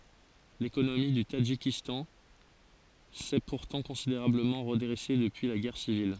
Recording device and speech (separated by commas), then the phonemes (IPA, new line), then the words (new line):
forehead accelerometer, read sentence
lekonomi dy tadʒikistɑ̃ sɛ puʁtɑ̃ kɔ̃sideʁabləmɑ̃ ʁədʁɛse dəpyi la ɡɛʁ sivil
L'économie du Tadjikistan s'est pourtant considérablement redressée depuis la guerre civile.